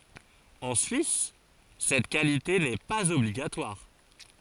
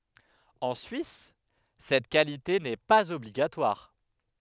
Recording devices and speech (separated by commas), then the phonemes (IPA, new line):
forehead accelerometer, headset microphone, read sentence
ɑ̃ syis sɛt kalite nɛ paz ɔbliɡatwaʁ